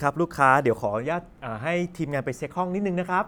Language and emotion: Thai, neutral